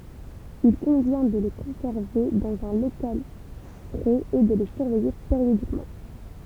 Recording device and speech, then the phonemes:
temple vibration pickup, read sentence
il kɔ̃vjɛ̃ də le kɔ̃sɛʁve dɑ̃z œ̃ lokal fʁɛz e də le syʁvɛje peʁjodikmɑ̃

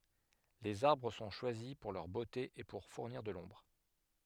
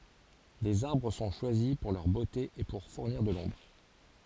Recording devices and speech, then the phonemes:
headset microphone, forehead accelerometer, read sentence
lez aʁbʁ sɔ̃ ʃwazi puʁ lœʁ bote e puʁ fuʁniʁ də lɔ̃bʁ

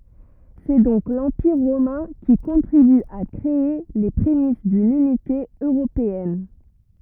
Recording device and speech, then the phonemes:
rigid in-ear microphone, read sentence
sɛ dɔ̃k lɑ̃piʁ ʁomɛ̃ ki kɔ̃tʁiby a kʁee le pʁemis dyn ynite øʁopeɛn

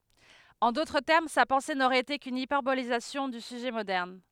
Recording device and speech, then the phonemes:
headset microphone, read sentence
ɑ̃ dotʁ tɛʁm sa pɑ̃se noʁɛt ete kyn ipɛʁbolizasjɔ̃ dy syʒɛ modɛʁn

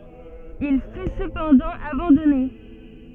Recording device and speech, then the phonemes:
soft in-ear microphone, read sentence
il fy səpɑ̃dɑ̃ abɑ̃dɔne

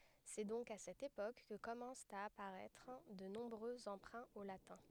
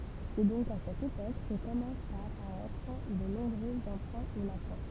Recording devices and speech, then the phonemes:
headset microphone, temple vibration pickup, read sentence
sɛ dɔ̃k a sɛt epok kə kɔmɑ̃st a apaʁɛtʁ də nɔ̃bʁø ɑ̃pʁɛ̃ o latɛ̃

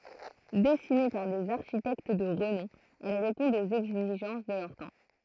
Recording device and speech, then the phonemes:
throat microphone, read sentence
dɛsine paʁ dez aʁʃitɛkt də ʁənɔ̃ ɛl ʁepɔ̃dt oz ɛɡziʒɑ̃s də lœʁ tɑ̃

